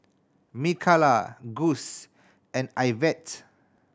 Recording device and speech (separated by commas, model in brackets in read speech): standing microphone (AKG C214), read sentence